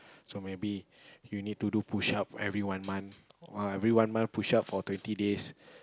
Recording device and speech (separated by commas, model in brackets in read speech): close-talking microphone, conversation in the same room